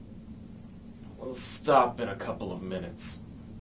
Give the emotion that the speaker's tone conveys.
disgusted